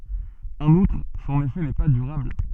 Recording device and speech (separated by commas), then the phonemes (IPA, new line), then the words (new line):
soft in-ear microphone, read sentence
ɑ̃n utʁ sɔ̃n efɛ nɛ pa dyʁabl
En outre, son effet n'est pas durable.